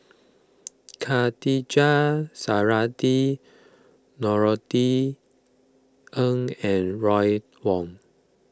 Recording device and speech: close-talking microphone (WH20), read sentence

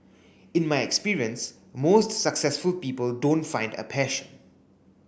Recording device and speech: boundary microphone (BM630), read sentence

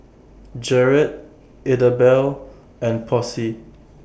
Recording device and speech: boundary microphone (BM630), read sentence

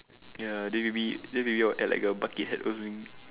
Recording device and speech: telephone, conversation in separate rooms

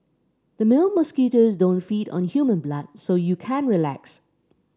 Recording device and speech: standing microphone (AKG C214), read sentence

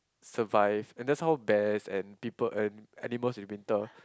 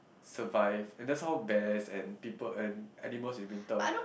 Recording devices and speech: close-talking microphone, boundary microphone, conversation in the same room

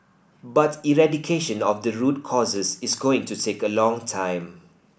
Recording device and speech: boundary microphone (BM630), read sentence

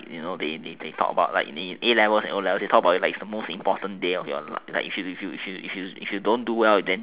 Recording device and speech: telephone, conversation in separate rooms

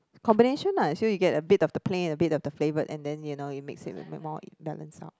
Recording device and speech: close-talking microphone, conversation in the same room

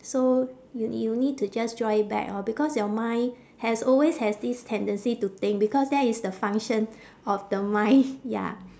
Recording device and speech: standing microphone, conversation in separate rooms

